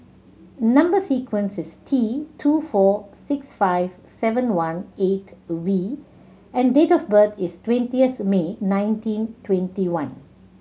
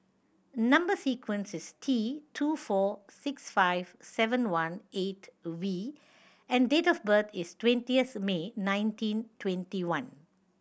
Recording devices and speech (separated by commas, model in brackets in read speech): mobile phone (Samsung C7100), boundary microphone (BM630), read sentence